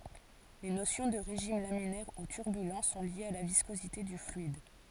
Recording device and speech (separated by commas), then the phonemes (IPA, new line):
forehead accelerometer, read sentence
le nosjɔ̃ də ʁeʒim laminɛʁ u tyʁbylɑ̃ sɔ̃ ljez a la viskozite dy flyid